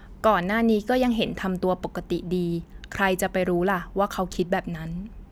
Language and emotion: Thai, neutral